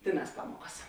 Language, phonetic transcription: Lithuanian, ˈtėˌnās ˈpamuokas

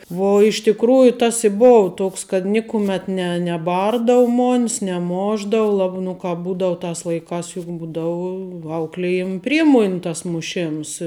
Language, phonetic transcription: Lithuanian, ˈvo iš tikˈrųju tas i ˈbova ˈtoks kad ˈnikumet ˈne neˈbardavu ˈmon's neˈmošdavu la nu ˈkāp ˈbūdavu ˈtās laiˈkās juk ˈbūdavu ˈauklijim ˈpriemoni tas muˈšėms

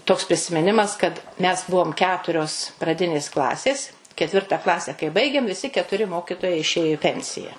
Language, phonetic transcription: Lithuanian, ˈtoks prisimiˈnimas kad ˈmes ˈbuvom ˈketurios praˈdinės ˈklasės keˈtvirta ˈklase kai ˈbaigėm viˈsi ketuˈri ˈmokitojai išˈėjo i ˈpensija

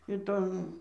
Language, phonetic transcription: Lithuanian, iˈton

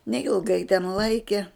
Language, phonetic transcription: Lithuanian, neilˈgai ten ˈlaikie

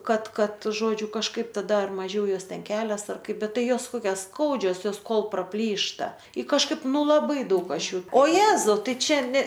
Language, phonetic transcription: Lithuanian, ˈkad ˈkad ˈžodžiu kažˈkaip taˈda ar maˈžiau ˈjos ˈten ˈkelias ar ˈkaip ˈbet ˈtai ˈjos ˈkokias ˈskaudžios ˈjos ˈkol praˈplyšta i kažˈkaip ˈnu laˈbai ˈdaug ˈaš ˈjų o ˈjėzau ˈtai ˈčia ˈne

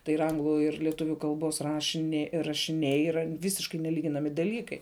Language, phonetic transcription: Lithuanian, tai ir ˈanglu ir lieˈtuviu kalˈbos rašiˈne rašiˈniai yˈra ˈvisiškai neˈlyginami daˈlykai

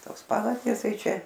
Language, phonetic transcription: Lithuanian, ˈtos ˈpavardės ˈtai ˈčia

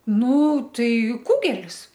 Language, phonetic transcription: Lithuanian, ˈnū ˈtai ˈkugelis

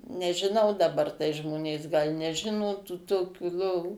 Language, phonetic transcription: Lithuanian, nežiˈnau daˈbar tai ˈžmonės gal' neˈžino tų toˈkių ˈlovų

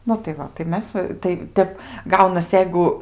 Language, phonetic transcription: Lithuanian, ˈnu tai ˈva tai ˈmes va tai ˈtep ˈgaunas ˈjeigu

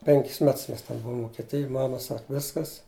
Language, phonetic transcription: Lithuanian, ˈpenkis ˈmets ˈmes ten ˈbuvum vukeˈtijuj ˈmama ˈsak ˈviskas

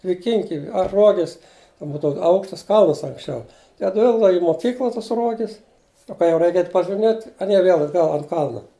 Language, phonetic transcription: Lithuanian, dviˈkinki ar ˈruogis ˈbūdavu ˈaukštas ˈkalnas anksˈčiau tai atˈvilkdava i moˈkykla ˈtas ˈruogis nu ˈka jau ˈreik ˈeit' pažiˈmėt' aˈnie ˈvėl atˈgal ant ˈkalna

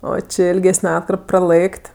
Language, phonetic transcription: Lithuanian, ˈo ˈči ilˈgesne ˈatkarp praˈlɘk't'

